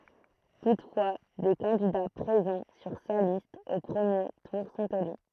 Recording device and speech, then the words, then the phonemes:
throat microphone, read sentence
Toutefois, des candidats présents sur sa liste au premier tour sont élus.
tutfwa de kɑ̃dida pʁezɑ̃ syʁ sa list o pʁəmje tuʁ sɔ̃t ely

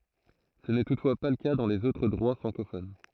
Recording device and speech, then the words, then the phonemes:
throat microphone, read sentence
Ce n'est toutefois pas le cas dans les autres droits francophones.
sə nɛ tutfwa pa lə ka dɑ̃ lez otʁ dʁwa fʁɑ̃kofon

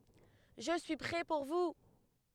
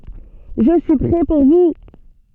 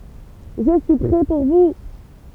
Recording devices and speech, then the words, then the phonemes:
headset microphone, soft in-ear microphone, temple vibration pickup, read sentence
Je suis prêt pour vous.
ʒə syi pʁɛ puʁ vu

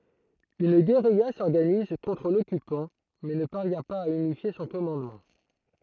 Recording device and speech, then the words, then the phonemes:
throat microphone, read sentence
Une guérilla s'organise contre l'occupant mais ne parvient pas à unifier son commandement.
yn ɡeʁija sɔʁɡaniz kɔ̃tʁ lɔkypɑ̃ mɛ nə paʁvjɛ̃ paz a ynifje sɔ̃ kɔmɑ̃dmɑ̃

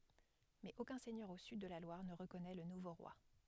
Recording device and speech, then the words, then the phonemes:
headset microphone, read sentence
Mais aucun seigneur au sud de la Loire ne reconnaît le nouveau roi.
mɛz okœ̃ sɛɲœʁ o syd də la lwaʁ nə ʁəkɔnɛ lə nuvo ʁwa

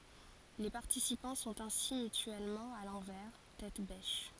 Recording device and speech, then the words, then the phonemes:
forehead accelerometer, read sentence
Les participants sont ainsi mutuellement à l'envers, tête-bêche.
le paʁtisipɑ̃ sɔ̃t ɛ̃si mytyɛlmɑ̃ a lɑ̃vɛʁ tɛt bɛʃ

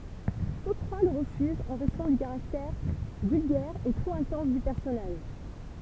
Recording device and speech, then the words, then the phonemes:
temple vibration pickup, read sentence
Tous trois le refusent en raison du caractère vulgaire et trop intense du personnage.
tus tʁwa lə ʁəfyzt ɑ̃ ʁɛzɔ̃ dy kaʁaktɛʁ vylɡɛʁ e tʁop ɛ̃tɑ̃s dy pɛʁsɔnaʒ

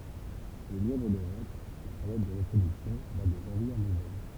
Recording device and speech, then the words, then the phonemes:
temple vibration pickup, read sentence
Chez le lièvre d'Europe, la période de reproduction va de janvier à novembre.
ʃe lə ljɛvʁ døʁɔp la peʁjɔd də ʁəpʁodyksjɔ̃ va də ʒɑ̃vje a novɑ̃bʁ

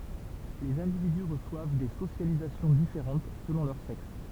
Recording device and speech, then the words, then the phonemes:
temple vibration pickup, read sentence
Les individus reçoivent des socialisations différentes selon leur sexe.
lez ɛ̃dividy ʁəswav de sosjalizasjɔ̃ difeʁɑ̃t səlɔ̃ lœʁ sɛks

